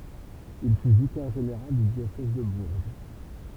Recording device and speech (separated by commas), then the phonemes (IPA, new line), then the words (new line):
temple vibration pickup, read sentence
il fy vikɛʁ ʒeneʁal dy djosɛz də buʁʒ
Il fut vicaire général du diocèse de Bourges.